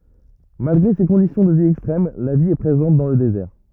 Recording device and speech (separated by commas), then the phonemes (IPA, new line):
rigid in-ear microphone, read sentence
malɡʁe se kɔ̃disjɔ̃ də vi ɛkstʁɛm la vi ɛ pʁezɑ̃t dɑ̃ lə dezɛʁ